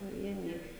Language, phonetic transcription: Lithuanian, paˈvieniai

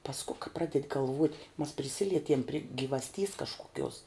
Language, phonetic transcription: Lithuanian, pasˈku ka ˈpraded' galˈvuot' mas priˈsilietiem pri givasˈtys kažkuˈkiuos

